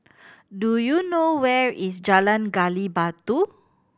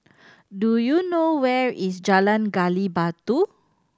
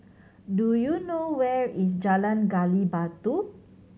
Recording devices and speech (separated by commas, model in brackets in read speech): boundary microphone (BM630), standing microphone (AKG C214), mobile phone (Samsung C7100), read sentence